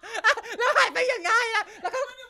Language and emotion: Thai, happy